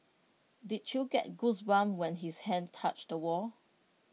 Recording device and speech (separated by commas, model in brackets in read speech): mobile phone (iPhone 6), read sentence